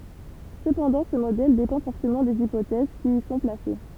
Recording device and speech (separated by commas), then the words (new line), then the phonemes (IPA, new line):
temple vibration pickup, read sentence
Cependant, ce modèle dépend fortement des hypothèses qui y sont placées.
səpɑ̃dɑ̃ sə modɛl depɑ̃ fɔʁtəmɑ̃ dez ipotɛz ki i sɔ̃ plase